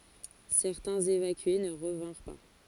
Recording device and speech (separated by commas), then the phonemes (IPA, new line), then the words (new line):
forehead accelerometer, read sentence
sɛʁtɛ̃z evakye nə ʁəvɛ̃ʁ pa
Certains évacués ne revinrent pas.